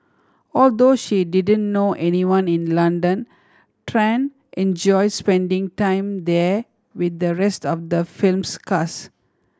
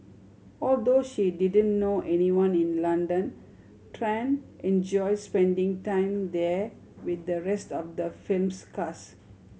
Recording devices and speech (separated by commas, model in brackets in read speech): standing microphone (AKG C214), mobile phone (Samsung C7100), read sentence